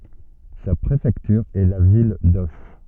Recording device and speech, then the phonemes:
soft in-ear microphone, read sentence
sa pʁefɛktyʁ ɛ la vil doʃ

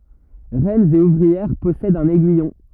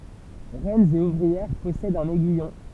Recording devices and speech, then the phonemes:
rigid in-ear microphone, temple vibration pickup, read sentence
ʁɛnz e uvʁiɛʁ pɔsɛdt œ̃n ɛɡyijɔ̃

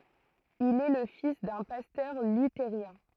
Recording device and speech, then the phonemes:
throat microphone, read sentence
il ɛ lə fis dœ̃ pastœʁ lyteʁjɛ̃

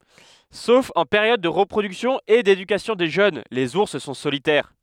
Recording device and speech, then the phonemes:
headset microphone, read sentence
sof ɑ̃ peʁjɔd də ʁəpʁodyksjɔ̃ e dedykasjɔ̃ de ʒøn lez uʁs sɔ̃ solitɛʁ

